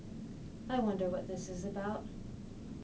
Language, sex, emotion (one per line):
English
female
neutral